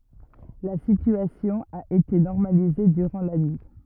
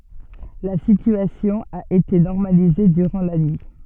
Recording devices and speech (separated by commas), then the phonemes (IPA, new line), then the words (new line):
rigid in-ear microphone, soft in-ear microphone, read sentence
la sityasjɔ̃ a ete nɔʁmalize dyʁɑ̃ la nyi
La situation a été normalisée durant la nuit.